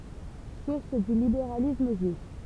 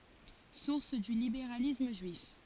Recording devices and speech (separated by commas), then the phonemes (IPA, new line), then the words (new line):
temple vibration pickup, forehead accelerometer, read sentence
suʁs dy libeʁalism ʒyif
Source du libéralisme juif.